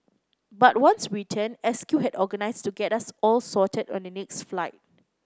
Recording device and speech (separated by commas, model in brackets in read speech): close-talking microphone (WH30), read sentence